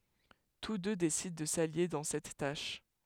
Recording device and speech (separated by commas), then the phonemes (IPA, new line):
headset microphone, read sentence
tus dø desidɑ̃ də salje dɑ̃ sɛt taʃ